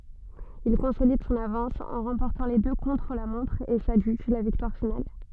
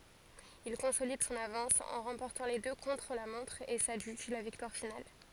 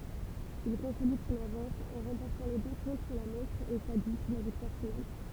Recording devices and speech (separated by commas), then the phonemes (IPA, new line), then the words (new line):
soft in-ear microphone, forehead accelerometer, temple vibration pickup, read sentence
il kɔ̃solid sɔ̃n avɑ̃s ɑ̃ ʁɑ̃pɔʁtɑ̃ le dø kɔ̃tʁ la mɔ̃tʁ e sadʒyʒ la viktwaʁ final
Il consolide son avance en remportant les deux contre-la-montre et s'adjuge la victoire finale.